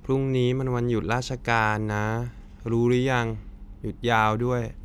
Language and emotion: Thai, frustrated